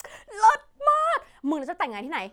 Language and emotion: Thai, happy